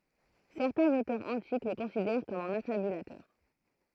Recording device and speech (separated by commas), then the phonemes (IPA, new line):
throat microphone, read sentence
sɛʁtɛ̃z otœʁz ɑ̃tik lə kɔ̃sidɛʁ kɔm œ̃n afabylatœʁ